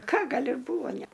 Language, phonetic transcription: Lithuanian, ˈka ˈgal' ir ˈbūvo ˈnæ

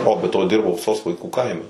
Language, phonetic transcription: Lithuanian, ˈo be ˈto ˈdirbau sos vaiˈkų ˈkaime

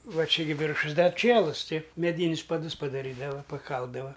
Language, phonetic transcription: Lithuanian, ˈva ˈčia gi ˈviršus ˈdar ˈčielus ˈtai meˈdynius paˈdus padaˈrydava paˈkaldava

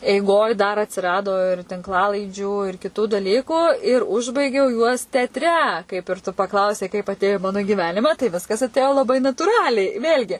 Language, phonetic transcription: Lithuanian, eiˈgoj dar atsiˈrado ir tinkˈlalaidžių ir kiˈtų daˈlykų ir ˈužbaigiau juos teatˈre kaip ir tu paˈklausei kaip atˈėjo i ˈmanu giˈvenima tai ˈviskas atˈėjo laˈbai natūˈraliai ˈvėl'gi

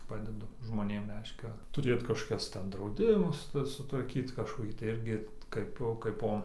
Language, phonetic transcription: Lithuanian, ˈpadedu žmoˈnėm ˈreiškia tuˈrėt kažkoˈkias ˈten drauˈdimus ˈtas sutvarˈkyt kažkoˈkį tai ˈirgi ˈkaipo kaiˈpo

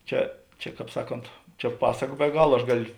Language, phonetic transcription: Lithuanian, ˈčia čia ˈkāp ˈsaˌkont čia ˈpasaka be ˈgala aš ˈgalio

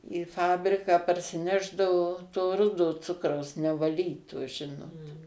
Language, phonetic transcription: Lithuanian, į ˈfabriką parsiˈnešdavo to ˈrudo ˈcukraus nevaˈlyto ˈžinot

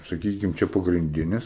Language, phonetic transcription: Lithuanian, saˈkykim ˈčia pagrinˈdinis

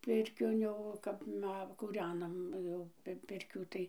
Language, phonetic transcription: Lithuanian, ˈpirkion jau ˈkap ˈma kūˈrenam jau ˈpirkių tai

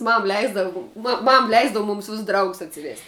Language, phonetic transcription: Lithuanian, ˈmam ˈleisdavu ˈmam ˈleisdavu ˈmūms ˈvis ˈdraugus atsiˈvėst'

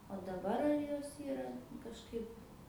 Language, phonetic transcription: Lithuanian, o daˈbar ar ˈjos ˈyra kažˈkaip

